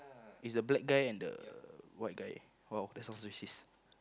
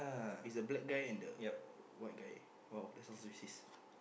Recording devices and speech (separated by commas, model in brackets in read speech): close-talking microphone, boundary microphone, conversation in the same room